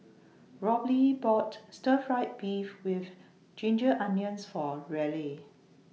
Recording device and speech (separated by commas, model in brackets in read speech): mobile phone (iPhone 6), read sentence